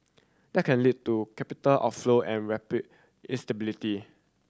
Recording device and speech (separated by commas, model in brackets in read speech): standing microphone (AKG C214), read sentence